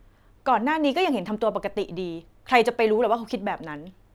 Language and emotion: Thai, frustrated